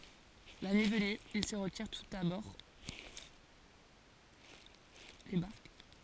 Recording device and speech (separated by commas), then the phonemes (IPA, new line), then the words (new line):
forehead accelerometer, read sentence
la nyi vəny il sə ʁətiʁ tus a bɔʁ de baʁk
La nuit venue, ils se retirent tous à bord des barques.